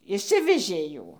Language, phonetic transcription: Lithuanian, išˈsivežė ˈjų

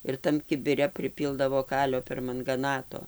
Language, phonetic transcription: Lithuanian, ir ˈtam kibiˈre priˈpyldavo ˈkalio permangaˈnato

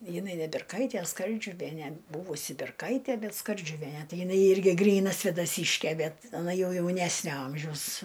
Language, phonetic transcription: Lithuanian, jiˈnai ne birˈkaitie ˈskardžiuviene ˈbuvusi berˈkaitie ˈbet skardžiuˈviene ˈtai jiˈnai ˈirgi ˈgryna svėdaˈsyškė ˈbet aˈna ˈjau ˈjaunesnio ˈamžiaus

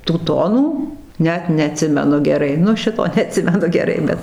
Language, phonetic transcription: Lithuanian, tų ˈtonų ˈnet neaˈtsimenu geˈrai ˈnu ˈšito neaˈtsimenu geˈrai ˈbet

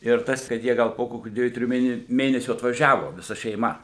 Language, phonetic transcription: Lithuanian, ir ˈtas kad ˈjie ˈgal po ˈkokių ˈdviejų ˈtrijų ˈmėne ˈmėnesių atvaˈžiavo viˈsa šeiˈma

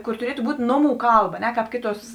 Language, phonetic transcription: Lithuanian, ˈkor tuˈrietu ˈbūt' ˈnoˌmų ˈkalˌba a ˈne ˈkāp ˈkėˌtuos

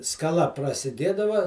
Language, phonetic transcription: Lithuanian, skaˈla prasiˈdėdava

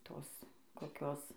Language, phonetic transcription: Lithuanian, ˈtos koˈkios

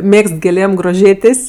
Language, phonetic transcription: Lithuanian, ˈmėgst gėˈlėm groˈžėtės'

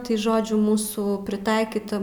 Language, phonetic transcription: Lithuanian, tai ˈžodžiu ˈmūsų priˈtaikyta

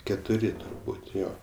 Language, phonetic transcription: Lithuanian, ketuˈri turˈbūt' ˈjo

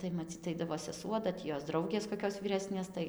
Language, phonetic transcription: Lithuanian, tai maˈcyt ˈaidavo seˈsuo da ˈtį ˈjos ˈdraugės koˈkios vyˈresnės ˈtai

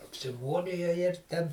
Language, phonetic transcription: Lithuanian, apsiˈmūrijo ir ˈten

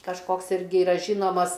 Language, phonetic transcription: Lithuanian, kažˈkoks ˈirgi iˈra ˈžynomas

